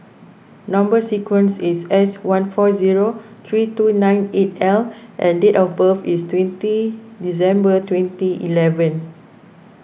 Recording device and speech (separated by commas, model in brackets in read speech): boundary microphone (BM630), read sentence